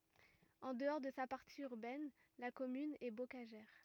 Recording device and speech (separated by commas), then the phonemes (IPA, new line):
rigid in-ear microphone, read sentence
ɑ̃ dəɔʁ də sa paʁti yʁbɛn la kɔmyn ɛ bokaʒɛʁ